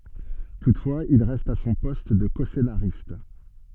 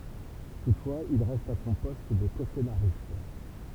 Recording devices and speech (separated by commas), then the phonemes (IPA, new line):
soft in-ear microphone, temple vibration pickup, read sentence
tutfwaz il ʁɛst a sɔ̃ pɔst də kɔsenaʁist